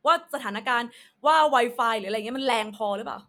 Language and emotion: Thai, angry